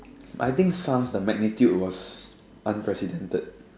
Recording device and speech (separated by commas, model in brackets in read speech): standing microphone, conversation in separate rooms